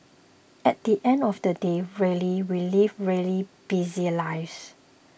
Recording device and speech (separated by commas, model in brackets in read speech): boundary microphone (BM630), read sentence